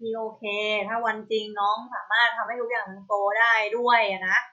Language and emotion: Thai, frustrated